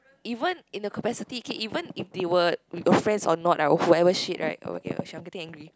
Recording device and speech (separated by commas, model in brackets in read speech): close-talking microphone, conversation in the same room